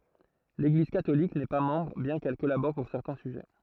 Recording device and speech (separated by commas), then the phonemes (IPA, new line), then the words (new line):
throat microphone, read sentence
leɡliz katolik nɛ pa mɑ̃bʁ bjɛ̃ kɛl kɔlabɔʁ puʁ sɛʁtɛ̃ syʒɛ
L'Église catholique n'est pas membre, bien qu'elle collabore pour certains sujets.